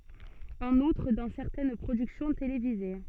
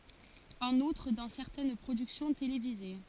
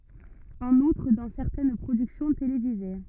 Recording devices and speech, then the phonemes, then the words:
soft in-ear microphone, forehead accelerometer, rigid in-ear microphone, read sentence
ɑ̃n utʁ dɑ̃ sɛʁtɛn pʁodyksjɔ̃ televize
En outre, dans certaines productions télévisées.

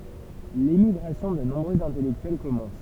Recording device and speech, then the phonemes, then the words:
temple vibration pickup, read sentence
lemiɡʁasjɔ̃ də nɔ̃bʁøz ɛ̃tɛlɛktyɛl kɔmɑ̃s
L'émigration de nombreux intellectuels commence.

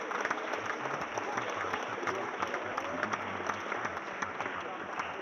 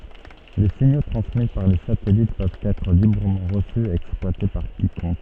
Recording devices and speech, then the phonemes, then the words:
rigid in-ear microphone, soft in-ear microphone, read sentence
le siɲo tʁɑ̃smi paʁ le satɛlit pøvt ɛtʁ libʁəmɑ̃ ʁəsy e ɛksplwate paʁ kikɔ̃k
Les signaux transmis par les satellites peuvent être librement reçus et exploités par quiconque.

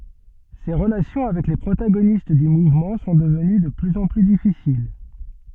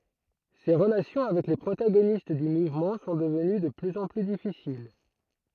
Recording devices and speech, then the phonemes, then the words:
soft in-ear microphone, throat microphone, read sentence
se ʁəlasjɔ̃ avɛk le pʁotaɡonist dy muvmɑ̃ sɔ̃ dəvəny də plyz ɑ̃ ply difisil
Ses relations avec les protagonistes du mouvement sont devenues de plus en plus difficiles.

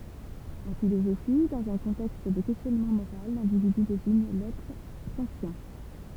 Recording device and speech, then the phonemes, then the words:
temple vibration pickup, read sentence
ɑ̃ filozofi dɑ̃z œ̃ kɔ̃tɛkst də kɛstjɔnmɑ̃ moʁal lɛ̃dividy deziɲ lɛtʁ sɑ̃tjɛ̃
En philosophie, dans un contexte de questionnement moral, l'individu désigne l'être sentient.

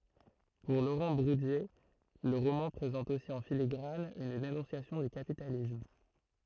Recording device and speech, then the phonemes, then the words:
throat microphone, read sentence
puʁ loʁɑ̃ buʁdje lə ʁomɑ̃ pʁezɑ̃t osi ɑ̃ filiɡʁan yn denɔ̃sjasjɔ̃ dy kapitalism
Pour Laurent Bourdier, le roman présente aussi en filigrane une dénonciation du capitalisme.

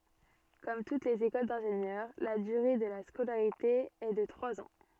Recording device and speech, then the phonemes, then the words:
soft in-ear microphone, read sentence
kɔm tut lez ekol dɛ̃ʒenjœʁ la dyʁe də la skolaʁite ɛ də tʁwaz ɑ̃
Comme toutes les écoles d'ingénieurs, la durée de la scolarité est de trois ans.

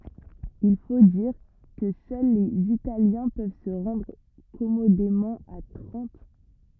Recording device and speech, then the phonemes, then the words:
rigid in-ear microphone, read sentence
il fo diʁ kə sœl lez italjɛ̃ pøv sə ʁɑ̃dʁ kɔmodemɑ̃ a tʁɑ̃t
Il faut dire que seuls les Italiens peuvent se rendre commodément à Trente.

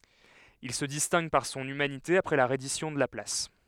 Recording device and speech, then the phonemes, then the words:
headset microphone, read sentence
il sə distɛ̃ɡ paʁ sɔ̃n ymanite apʁɛ la ʁɛdisjɔ̃ də la plas
Il se distingue par son humanité après la reddition de la place.

